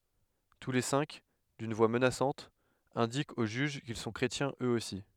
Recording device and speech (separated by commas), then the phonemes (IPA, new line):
headset microphone, read sentence
tu le sɛ̃k dyn vwa mənasɑ̃t ɛ̃dikt o ʒyʒ kil sɔ̃ kʁetjɛ̃z øz osi